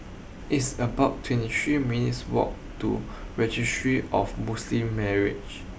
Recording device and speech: boundary microphone (BM630), read sentence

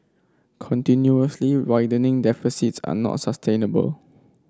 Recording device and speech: standing microphone (AKG C214), read sentence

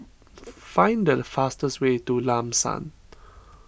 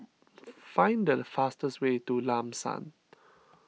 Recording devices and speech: boundary microphone (BM630), mobile phone (iPhone 6), read sentence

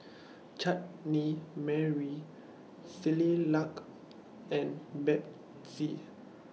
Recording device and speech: mobile phone (iPhone 6), read sentence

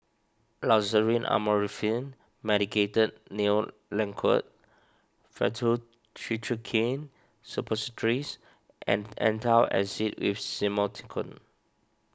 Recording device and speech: standing microphone (AKG C214), read sentence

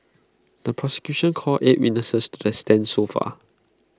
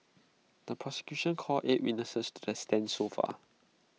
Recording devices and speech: close-talking microphone (WH20), mobile phone (iPhone 6), read sentence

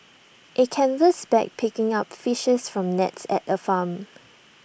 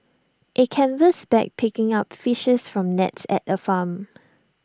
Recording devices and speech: boundary microphone (BM630), standing microphone (AKG C214), read sentence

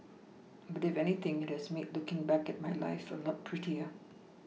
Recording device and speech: mobile phone (iPhone 6), read sentence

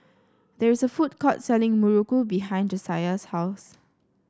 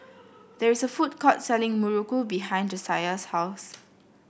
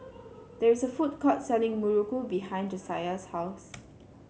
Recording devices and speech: standing microphone (AKG C214), boundary microphone (BM630), mobile phone (Samsung C7), read sentence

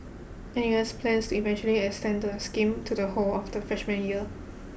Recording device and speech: boundary microphone (BM630), read sentence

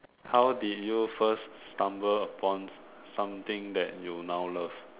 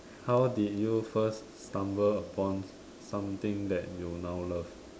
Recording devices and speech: telephone, standing microphone, conversation in separate rooms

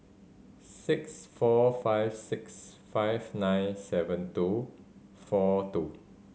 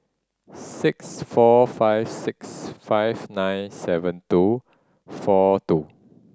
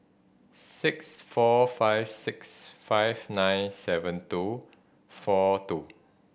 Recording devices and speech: mobile phone (Samsung C5010), standing microphone (AKG C214), boundary microphone (BM630), read sentence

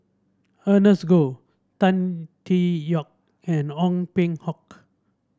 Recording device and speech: standing microphone (AKG C214), read sentence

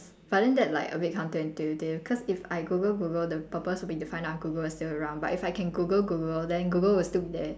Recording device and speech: standing microphone, conversation in separate rooms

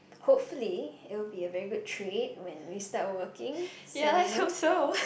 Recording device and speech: boundary microphone, conversation in the same room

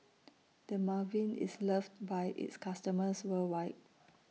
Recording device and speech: mobile phone (iPhone 6), read sentence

